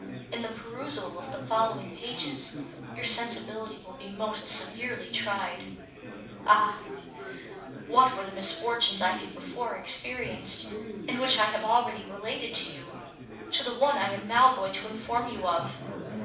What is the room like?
A mid-sized room (about 5.7 m by 4.0 m).